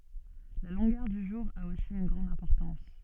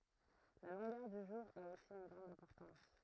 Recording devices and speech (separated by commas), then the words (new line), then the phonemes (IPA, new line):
soft in-ear microphone, throat microphone, read sentence
La longueur du jour a aussi une grande importance.
la lɔ̃ɡœʁ dy ʒuʁ a osi yn ɡʁɑ̃d ɛ̃pɔʁtɑ̃s